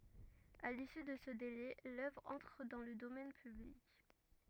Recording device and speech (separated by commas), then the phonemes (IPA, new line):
rigid in-ear microphone, read sentence
a lisy də sə dele lœvʁ ɑ̃tʁ dɑ̃ lə domɛn pyblik